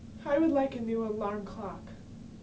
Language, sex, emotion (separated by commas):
English, female, sad